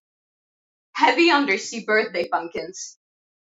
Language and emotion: English, fearful